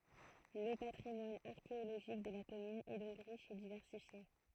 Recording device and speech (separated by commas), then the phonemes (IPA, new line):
throat microphone, read sentence
lə patʁimwan aʁkeoloʒik də la kɔmyn ɛ dɔ̃k ʁiʃ e divɛʁsifje